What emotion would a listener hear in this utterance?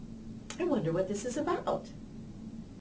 happy